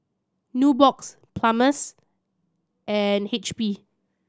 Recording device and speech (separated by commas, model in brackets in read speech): standing microphone (AKG C214), read sentence